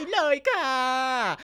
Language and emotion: Thai, happy